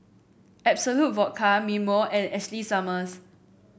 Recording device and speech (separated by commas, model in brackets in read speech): boundary microphone (BM630), read sentence